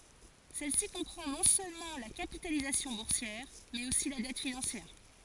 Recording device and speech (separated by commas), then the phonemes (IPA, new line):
forehead accelerometer, read sentence
sɛl si kɔ̃pʁɑ̃ nɔ̃ sølmɑ̃ la kapitalizasjɔ̃ buʁsjɛʁ mɛz osi la dɛt finɑ̃sjɛʁ